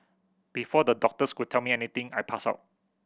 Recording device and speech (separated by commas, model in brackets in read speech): boundary microphone (BM630), read sentence